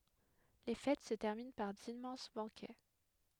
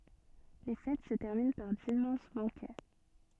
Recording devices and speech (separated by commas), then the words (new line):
headset microphone, soft in-ear microphone, read sentence
Les fêtes se terminent par d'immenses banquets.